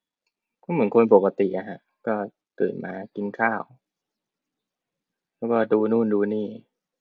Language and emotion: Thai, neutral